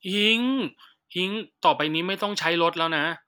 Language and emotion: Thai, frustrated